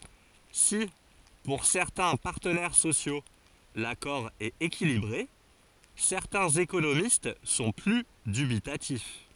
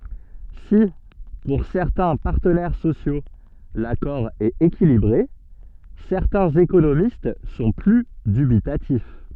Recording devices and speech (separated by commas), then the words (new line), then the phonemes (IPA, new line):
forehead accelerometer, soft in-ear microphone, read sentence
Si pour certains partenaires sociaux l'accord est équilibré, certains économistes sont plus dubitatifs.
si puʁ sɛʁtɛ̃ paʁtənɛʁ sosjo lakɔʁ ɛt ekilibʁe sɛʁtɛ̃z ekonomist sɔ̃ ply dybitatif